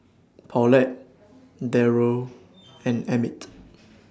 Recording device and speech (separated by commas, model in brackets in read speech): standing microphone (AKG C214), read sentence